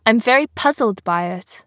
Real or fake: real